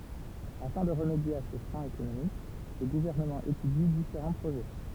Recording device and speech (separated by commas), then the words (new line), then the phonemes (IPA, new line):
temple vibration pickup, read sentence
Afin de remédier à ce frein économique, le gouvernement étudie différents projets.
afɛ̃ də ʁəmedje a sə fʁɛ̃ ekonomik lə ɡuvɛʁnəmɑ̃ etydi difeʁɑ̃ pʁoʒɛ